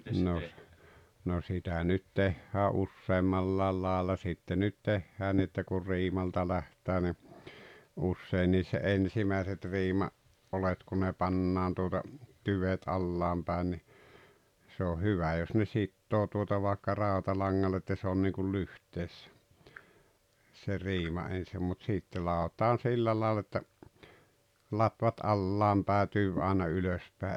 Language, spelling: Finnish, no no sitä nyt tehdään useammalla lailla sitten nyt tehdään niin että kun riimalta lähdetään niin usein se ensimmäiset - riimaoljet kun ne pannaan tuota tyvet alhaalle päin niin se on hyvä jos ne sitoo tuota vaikka rautalangalla että se on niin kuin lyhteessä se riima ensin mutta sitten ladotaan sillä lailla että latvat alhaalle päin tyvi aina ylös päin
- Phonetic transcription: noh , no 'sitä nyt 'tehhää "ussemmallaal 'laaᵉl-la sitte nyt 'tehhää ni että kur 'riimalta 'läht̀ää ni , 'usseiniis se "’ensimäiset 'riima- , -'’olet ku ne 'pannaan tuota , 'tyvet "allaam pä̀en ni , se oh 'hyvä jos ne "sittoo tuota vàekka "ràotaiaŋŋall ‿että 'se on niiŋkul "lyht̀eessä , se 'riima ensim mut sìtte 'làotan 'sillä laal ‿että , 'latvat "allaam pää 'tyv àena 'ylös pää .

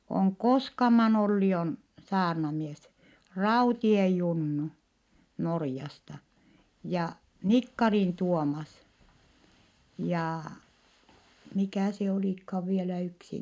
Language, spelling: Finnish, on Koskaman Olli on saarnamies Raution Junnu Norjasta ja Nikkarin Tuomas ja mikä se olikaan vielä yksi
- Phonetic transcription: oŋ Koskaman ‿Olli on , saarnamies , Rautie Junnu , Norjasta , ja , Nikkarin Tuomas , ja , mikä̀ se olìkhaav vielä yksi ?

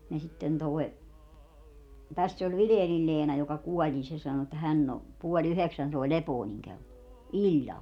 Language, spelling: Finnish, ja sitten tuo tässä oli Vilenin Leena joka kuoli niin se sanoi että hän on puoli yhdeksän soi Lepoonin kello illalla
- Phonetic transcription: ja 'sitten toi̮ , täss ‿oĺ "Vileenil 'Leena joka 'kuɔĺ nin 'se sano että 'hänn ‿o , 'puo"ĺ ‿yheksän sòi̮ "Lepooniŋ 'kello , "iĺĺal .

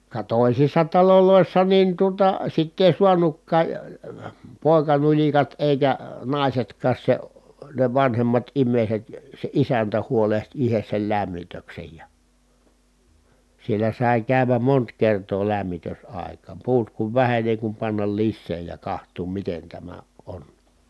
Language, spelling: Finnish, ka toisissa taloissa niin tuota sitä ei saanutkaan poikanulikat eikä naisetkaan se ne vanhemmat ihmiset se isäntä huolehti itse sen lämmityksen ja siellä sai käydä monta kertaa lämmitysaikaan puut kun väheni niin ei kun panna lisää ja katsoa miten tämä on
- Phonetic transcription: ka tòisissa talolòissa nin tuota sitt ‿èi suanukkaa , pòi̮kanuĺikat èikä , nàisetk̀aas se , ne vanhemmat im̆mèiset , se isäntä huoleht ihes sel lämmitöksej ja , siellä sài̮ kä̀y̬väm mont kertoo lämmitös₍àekaam puut kuv vähen ni èi kum pannal lissee ja kaht̀uum miten tämä ʼon .

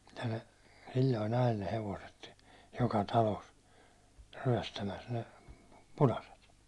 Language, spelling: Finnish, ja ne silloin ajeli ne hevoset joka talossa ryöstämässä ne punaiset
- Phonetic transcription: ja ne sil̜l̜oi'n ‿ajel ne 'hevoset , joka "talos , 'ryäₒstämäs ne , "punaset .

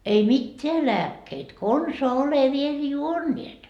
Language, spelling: Finnish, ei mitään lääkkeitä konsaan ole vielä juoneet
- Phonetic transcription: ei 'mitteä "lääkkeit konsoa ole viel "juonniet .

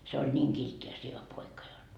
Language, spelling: Finnish, se oli niin kiltti ja sievä poika jotta
- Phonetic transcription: se oĺ niiŋ 'kiltti ja sievä 'poika jot .

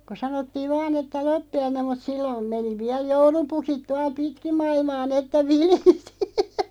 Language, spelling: Finnish, kun sanottiin vain että loppiainen mutta silloin meni vielä joulupukit tuolla pitkin maailmaa niin että vilisi
- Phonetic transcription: ko 'sanottiiv "vaan ‿että 'loppi₍ainem mut 'sillom 'meni 'viäl "joulupukit 'tual "pitkim 'ma₍ilmaa 'n ‿että "vilisi .

